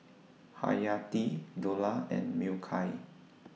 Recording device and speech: mobile phone (iPhone 6), read sentence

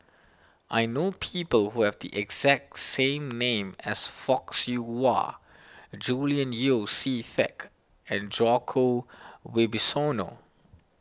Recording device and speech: standing microphone (AKG C214), read sentence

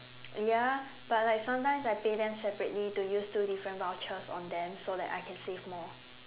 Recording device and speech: telephone, conversation in separate rooms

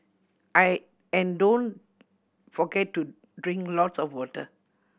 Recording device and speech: boundary microphone (BM630), read sentence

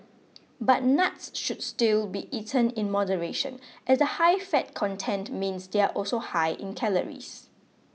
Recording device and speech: mobile phone (iPhone 6), read sentence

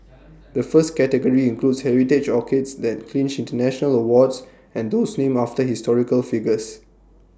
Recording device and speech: standing microphone (AKG C214), read sentence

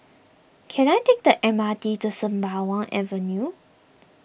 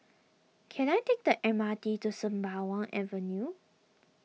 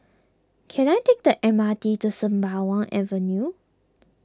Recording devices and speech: boundary microphone (BM630), mobile phone (iPhone 6), close-talking microphone (WH20), read sentence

